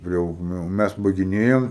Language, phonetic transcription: Lithuanian, ˈjau ˈnu ˈmæs baigiˈnėjom

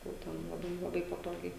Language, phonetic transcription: Lithuanian, jau ˈten laˈbai laˈbai paˈtogiai

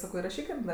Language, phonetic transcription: Lithuanian, ˈsako iraˈšykim ˈda

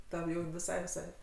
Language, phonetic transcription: Lithuanian, ˈtam ˈjau viˈsai viˈsai

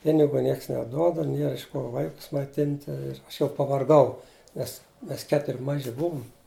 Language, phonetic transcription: Lithuanian, ˈpinigu ˈnieks neˈduoda ˈnier iš ˈko ˈvaikus maiˈtinti ˈaš jau pavarˈgau ˈmes ˈmes ˈketuri ˈmaži ˈbuvum

